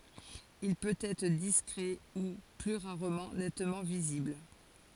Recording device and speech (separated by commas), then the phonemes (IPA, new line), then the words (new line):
forehead accelerometer, read sentence
il pøt ɛtʁ diskʁɛ u ply ʁaʁmɑ̃ nɛtmɑ̃ vizibl
Il peut être discret ou, plus rarement, nettement visible.